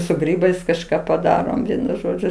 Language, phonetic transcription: Lithuanian, su ˈgrybais kažˈką paˈdarom ˈvienu ˈžodžiu

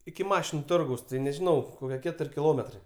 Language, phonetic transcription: Lithuanian, iki ˈmašinu ˈtorgaus tai nežiˈnau ˈkokie ˈketur' kiˈlometrai

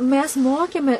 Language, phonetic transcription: Lithuanian, ˈmes ˈmokėme

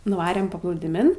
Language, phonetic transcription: Lithuanian, nuˈvarėm paplūdiˈmin

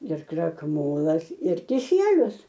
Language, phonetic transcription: Lithuanian, ir krakˈmolas ir kiˈsielius

